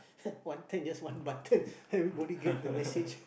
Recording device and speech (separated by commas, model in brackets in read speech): boundary microphone, conversation in the same room